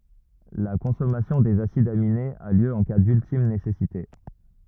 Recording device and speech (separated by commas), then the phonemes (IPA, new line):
rigid in-ear microphone, read sentence
la kɔ̃sɔmasjɔ̃ dez asidz aminez a ljø ɑ̃ ka dyltim nesɛsite